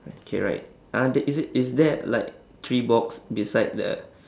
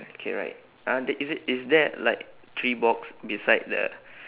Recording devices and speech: standing microphone, telephone, conversation in separate rooms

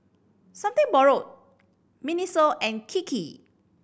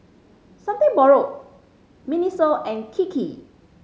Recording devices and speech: boundary microphone (BM630), mobile phone (Samsung C5010), read sentence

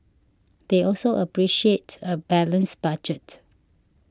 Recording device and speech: standing microphone (AKG C214), read sentence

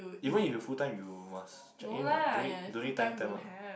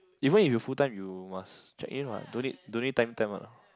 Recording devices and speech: boundary microphone, close-talking microphone, conversation in the same room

